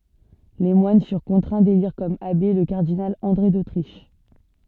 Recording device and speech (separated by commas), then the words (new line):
soft in-ear microphone, read sentence
Les moines furent contraints d'élire comme abbé, le cardinal André d'Autriche.